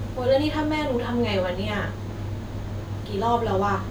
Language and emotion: Thai, frustrated